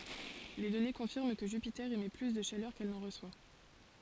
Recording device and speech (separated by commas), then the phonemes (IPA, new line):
forehead accelerometer, read sentence
le dɔne kɔ̃fiʁm kə ʒypite emɛ ply də ʃalœʁ kɛl nɑ̃ ʁəswa